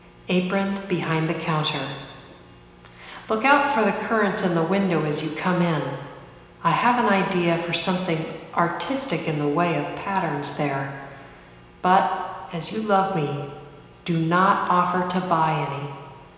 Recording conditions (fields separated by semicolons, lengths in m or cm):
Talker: one person; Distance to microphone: 1.7 m; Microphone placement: close; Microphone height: 1.0 m; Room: very reverberant, large; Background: none